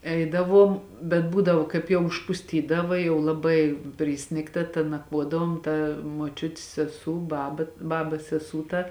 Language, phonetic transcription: Lithuanian, ˈeidaˌvuom bet ˈbūdavo ˈkaip jau užpusˈtydava jau laˈbai ˈprisnigta ta nakˈvuodavom ˈta muoˈčiutis seˈsū ˈbaba ˈbabas seˈsū ta

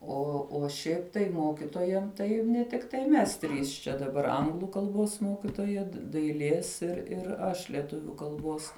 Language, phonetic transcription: Lithuanian, ˈo o ˈšiaip tai ˈmokitojam tai ne tikˈtai ˈmes ˈtrys čia daˈbar ˈanglu kalˈbos ˈmokitoja daiˈlės ir ir ˈaš lieˈtuviu kalˈbos

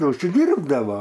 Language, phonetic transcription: Lithuanian, užsiˈdyrbdava

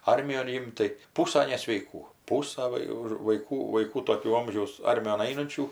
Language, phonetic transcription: Lithuanian, ˈarmijon ˈimt tai ˈpūsa nesveiˈkų ˈpūsa ˈva jau ir vaiˈkų vaiˈkų toˈkių ˈomžiaus ˈarmijon ˈainunčių

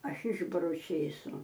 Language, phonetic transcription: Lithuanian, ˈaš ˈišbaru ˈčėsu

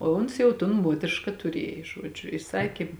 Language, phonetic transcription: Lithuanian, o ˈuns jau tun ˈmuotriška tuˈriej ˈžuodžiu i ˈsakė

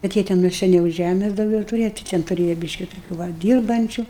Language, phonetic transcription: Lithuanian, kad ˈjie te nu seˈniau ˈžæmes dauˈgiau tuˈrėja tai ˈten tuˈrėja ˈbyški toˈkių ˈva ˈdyrbančiu

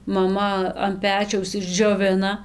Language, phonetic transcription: Lithuanian, maˈma an ˈpečiaus išdžioˈvina

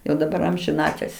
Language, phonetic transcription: Lithuanian, jau daˈbar amžiˈnatil's'

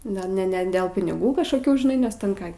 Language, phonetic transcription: Lithuanian, ˈne ne ne del piniˈgų kažkoˈkių žiˈnai nes ten ˈką

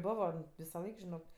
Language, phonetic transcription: Lithuanian, ˈbovo visaˈlaik žiˈnok

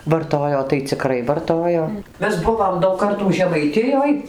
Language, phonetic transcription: Lithuanian, varˈtojo tai ciˈkrai varˈtojo ˈmes ˈbuvom daug ˈkartų žemaiˈtijoj

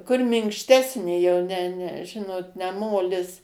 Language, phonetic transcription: Lithuanian, kur minkšˈtesnė jau ne ne ˈžinot ne ˈmolis

